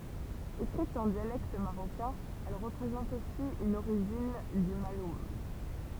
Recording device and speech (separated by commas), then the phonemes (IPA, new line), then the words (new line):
temple vibration pickup, read sentence
ekʁit ɑ̃ djalɛkt maʁokɛ̃ ɛl ʁəpʁezɑ̃t osi yn oʁiʒin dy malun
Écrite en dialecte marocain, elle représente aussi une origine du malhoun.